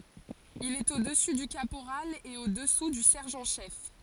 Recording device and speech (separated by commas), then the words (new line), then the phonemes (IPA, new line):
forehead accelerometer, read sentence
Il est au-dessus du caporal et au-dessous du sergent-chef.
il ɛt o dəsy dy kapoʁal e o dəsu dy sɛʁʒɑ̃ ʃɛf